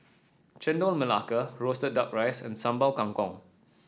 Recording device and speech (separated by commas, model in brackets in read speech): standing microphone (AKG C214), read sentence